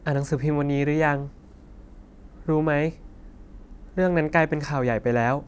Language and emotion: Thai, neutral